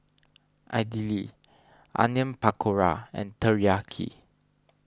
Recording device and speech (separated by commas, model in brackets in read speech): standing microphone (AKG C214), read sentence